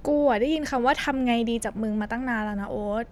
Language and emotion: Thai, frustrated